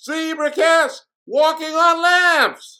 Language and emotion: English, happy